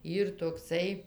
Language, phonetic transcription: Lithuanian, ˈyr tokˈsai

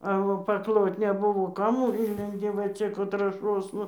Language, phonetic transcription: Lithuanian, a o pakˈlot neˈbuvo ˈkam ˈinlendi va ˈčia kur trąˈšosna

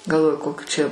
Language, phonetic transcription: Lithuanian, galˈvoju ˈkokių čia

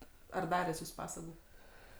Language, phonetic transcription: Lithuanian, ar ˈdaręs ˈjūs ˈpasagu

